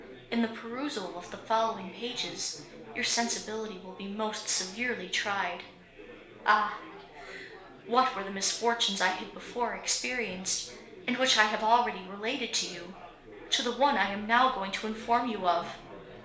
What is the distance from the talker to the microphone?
1.0 m.